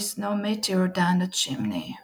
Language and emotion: English, sad